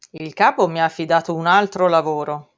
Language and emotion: Italian, neutral